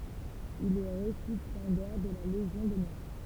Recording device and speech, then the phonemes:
temple vibration pickup, read sentence
il ɛ ʁesipjɑ̃dɛʁ də la leʒjɔ̃ dɔnœʁ

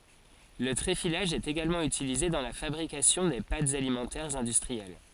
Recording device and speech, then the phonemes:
forehead accelerometer, read sentence
lə tʁefilaʒ ɛt eɡalmɑ̃ ytilize dɑ̃ la fabʁikasjɔ̃ de patz alimɑ̃tɛʁz ɛ̃dystʁiɛl

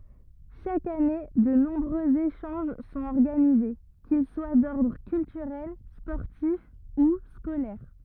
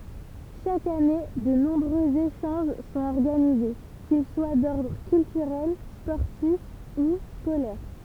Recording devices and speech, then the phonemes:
rigid in-ear microphone, temple vibration pickup, read sentence
ʃak ane də nɔ̃bʁøz eʃɑ̃ʒ sɔ̃t ɔʁɡanize kil swa dɔʁdʁ kyltyʁɛl spɔʁtif u skolɛʁ

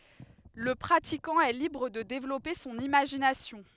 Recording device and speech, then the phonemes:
headset microphone, read sentence
lə pʁatikɑ̃ ɛ libʁ də devlɔpe sɔ̃n imaʒinasjɔ̃

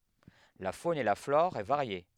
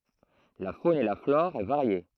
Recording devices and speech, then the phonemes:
headset microphone, throat microphone, read sentence
la fon e la flɔʁ ɛ vaʁje

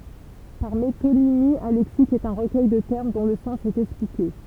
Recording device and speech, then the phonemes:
temple vibration pickup, read sentence
paʁ metonimi œ̃ lɛksik ɛt œ̃ ʁəkœj də tɛʁm dɔ̃ lə sɑ̃s ɛt ɛksplike

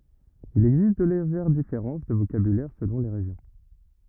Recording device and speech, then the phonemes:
rigid in-ear microphone, read sentence
il ɛɡzist də leʒɛʁ difeʁɑ̃s də vokabylɛʁ səlɔ̃ le ʁeʒjɔ̃

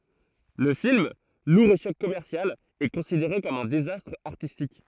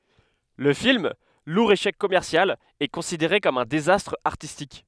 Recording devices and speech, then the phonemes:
throat microphone, headset microphone, read sentence
lə film luʁ eʃɛk kɔmɛʁsjal ɛ kɔ̃sideʁe kɔm œ̃ dezastʁ aʁtistik

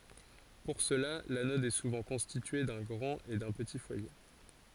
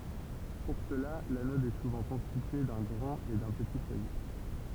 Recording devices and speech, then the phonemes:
forehead accelerometer, temple vibration pickup, read sentence
puʁ səla lanɔd ɛ suvɑ̃ kɔ̃stitye dœ̃ ɡʁɑ̃t e dœ̃ pəti fwaje

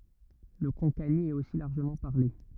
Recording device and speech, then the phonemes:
rigid in-ear microphone, read sentence
lə kɔ̃kani ɛt osi laʁʒəmɑ̃ paʁle

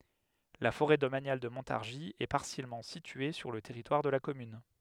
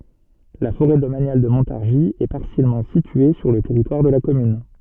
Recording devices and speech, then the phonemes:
headset microphone, soft in-ear microphone, read sentence
la foʁɛ domanjal də mɔ̃taʁʒi ɛ paʁsjɛlmɑ̃ sitye syʁ lə tɛʁitwaʁ də la kɔmyn

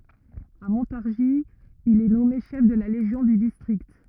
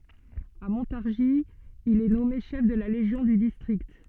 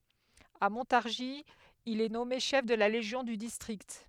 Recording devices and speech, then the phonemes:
rigid in-ear microphone, soft in-ear microphone, headset microphone, read sentence
a mɔ̃taʁʒi il ɛ nɔme ʃɛf də la leʒjɔ̃ dy distʁikt

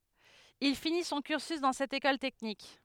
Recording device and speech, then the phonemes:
headset microphone, read sentence
il fini sɔ̃ kyʁsy dɑ̃ sɛt ekɔl tɛknik

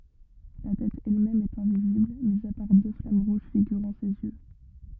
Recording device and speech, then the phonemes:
rigid in-ear microphone, read sentence
la tɛt ɛlmɛm ɛt ɛ̃vizibl mi a paʁ dø flam ʁuʒ fiɡyʁɑ̃ sez jø

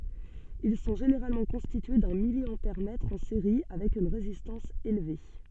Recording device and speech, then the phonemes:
soft in-ear microphone, read sentence
il sɔ̃ ʒeneʁalmɑ̃ kɔ̃stitye dœ̃ miljɑ̃pɛʁmɛtʁ ɑ̃ seʁi avɛk yn ʁezistɑ̃s elve

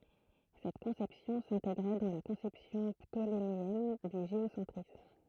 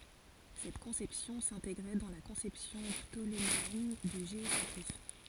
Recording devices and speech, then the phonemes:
throat microphone, forehead accelerometer, read sentence
sɛt kɔ̃sɛpsjɔ̃ sɛ̃teɡʁɛ dɑ̃ la kɔ̃sɛpsjɔ̃ ptolemeɛn dy ʒeosɑ̃tʁism

